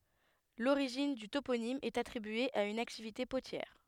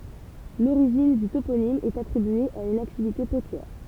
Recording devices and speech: headset microphone, temple vibration pickup, read sentence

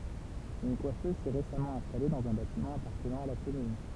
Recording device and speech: temple vibration pickup, read sentence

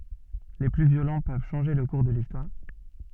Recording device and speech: soft in-ear microphone, read sentence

